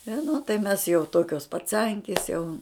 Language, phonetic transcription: Lithuanian, i nu tai ˈmes jau ˈtokios paˈcankis jau

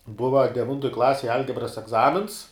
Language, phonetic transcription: Lithuanian, ˈbuva deˈvintoj ˈklasėj ˈalgebras egˈzamins

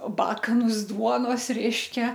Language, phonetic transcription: Lithuanian, ˈbakanus ˈduonos ˈreiškia

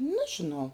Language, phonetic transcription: Lithuanian, ˈnažinau

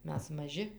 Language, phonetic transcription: Lithuanian, ˈmes maˈži

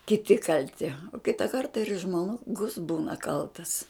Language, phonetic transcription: Lithuanian, kiˈti kalˈti o ˈkita ˈkarta ir žmoˈgus ˈbūna ˈkaltas

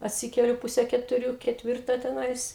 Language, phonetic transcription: Lithuanian, atˈsikeliu ˈpuse ketuˈrių ketˈvirtą teˈnais

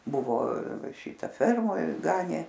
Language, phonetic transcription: Lithuanian, ˈbuvo ˈšita ˈfermoj ˈganė

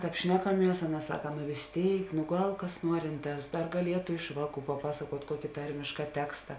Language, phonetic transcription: Lithuanian, ˈtāp ˈšnekaˌmies ˈaˌna ˈsaka nu vės ˈtėik nu ˈgal kas ˈnuorinˌtās ˈdar gaˈlietu ˈiš vāˌkų paˈpasakuot' ˈkuoki ˈtarmiška ˈteksta

